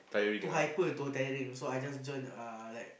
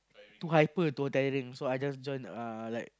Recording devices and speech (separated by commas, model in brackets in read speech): boundary microphone, close-talking microphone, conversation in the same room